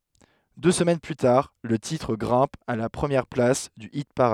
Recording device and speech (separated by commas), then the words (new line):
headset microphone, read sentence
Deux semaines plus tard, le titre grimpe à la première place du hit-parade.